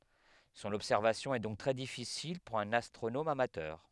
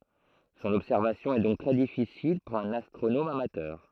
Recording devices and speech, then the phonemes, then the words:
headset microphone, throat microphone, read sentence
sɔ̃n ɔbsɛʁvasjɔ̃ ɛ dɔ̃k tʁɛ difisil puʁ œ̃n astʁonom amatœʁ
Son observation est donc très difficile pour un astronome amateur.

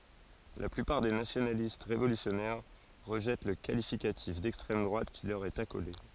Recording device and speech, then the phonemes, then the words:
forehead accelerometer, read sentence
la plypaʁ de nasjonalist ʁevolysjɔnɛʁ ʁəʒɛt lə kalifikatif dɛkstʁɛm dʁwat ki lœʁ ɛt akole
La plupart des nationalistes révolutionnaires rejettent le qualificatif d'extrême droite qui leur est accolé.

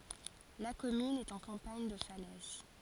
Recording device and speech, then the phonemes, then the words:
forehead accelerometer, read sentence
la kɔmyn ɛt ɑ̃ kɑ̃paɲ də falɛz
La commune est en campagne de Falaise.

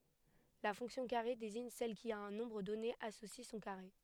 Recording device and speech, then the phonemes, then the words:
headset microphone, read sentence
la fɔ̃ksjɔ̃ kaʁe deziɲ sɛl ki a œ̃ nɔ̃bʁ dɔne asosi sɔ̃ kaʁe
La fonction carré désigne celle qui, à un nombre donné associe son carré.

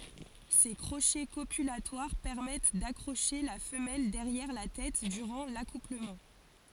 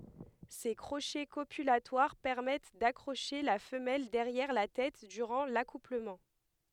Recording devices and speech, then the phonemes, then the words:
forehead accelerometer, headset microphone, read sentence
se kʁoʃɛ kopylatwaʁ pɛʁmɛt dakʁoʃe la fəmɛl dɛʁjɛʁ la tɛt dyʁɑ̃ lakupləmɑ̃
Ces crochets copulatoires permettent d'accrocher la femelle derrière la tête durant l'accouplement.

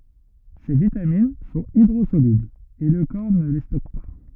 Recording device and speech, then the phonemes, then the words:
rigid in-ear microphone, read sentence
se vitamin sɔ̃t idʁozolyblz e lə kɔʁ nə le stɔk pa
Ces vitamines sont hydrosolubles et le corps ne les stocke pas.

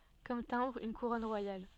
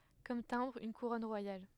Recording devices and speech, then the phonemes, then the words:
soft in-ear microphone, headset microphone, read sentence
kɔm tɛ̃bʁ yn kuʁɔn ʁwajal
Comme timbre, une couronne royale.

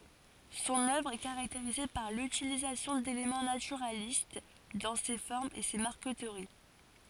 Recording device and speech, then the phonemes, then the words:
forehead accelerometer, read sentence
sɔ̃n œvʁ ɛ kaʁakteʁize paʁ lytilizasjɔ̃ delemɑ̃ natyʁalist dɑ̃ se fɔʁmz e se maʁkətəʁi
Son œuvre est caractérisée par l'utilisation d'éléments naturalistes dans ses formes et ses marqueteries.

